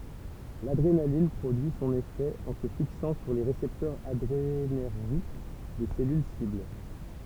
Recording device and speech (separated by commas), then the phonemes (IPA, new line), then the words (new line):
temple vibration pickup, read sentence
ladʁenalin pʁodyi sɔ̃n efɛ ɑ̃ sə fiksɑ̃ syʁ le ʁesɛptœʁz adʁenɛʁʒik de sɛlyl sibl
L’adrénaline produit son effet en se fixant sur les récepteurs adrénergiques des cellules cibles.